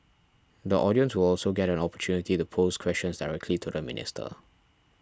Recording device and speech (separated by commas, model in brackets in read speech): standing microphone (AKG C214), read sentence